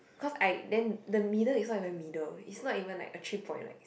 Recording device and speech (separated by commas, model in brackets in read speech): boundary microphone, conversation in the same room